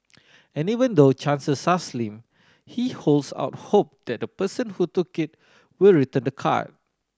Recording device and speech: standing microphone (AKG C214), read sentence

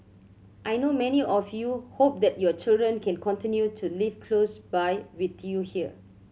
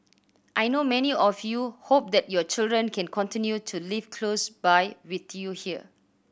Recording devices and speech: mobile phone (Samsung C7100), boundary microphone (BM630), read sentence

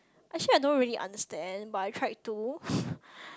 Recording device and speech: close-talking microphone, conversation in the same room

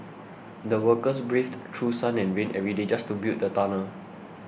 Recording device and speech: boundary microphone (BM630), read sentence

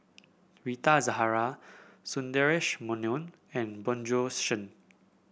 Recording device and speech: boundary microphone (BM630), read sentence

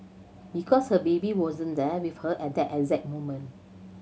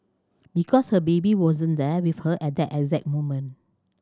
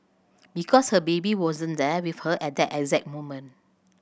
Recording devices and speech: mobile phone (Samsung C7100), standing microphone (AKG C214), boundary microphone (BM630), read sentence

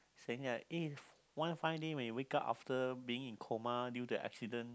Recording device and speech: close-talking microphone, conversation in the same room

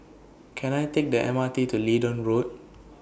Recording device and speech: boundary microphone (BM630), read sentence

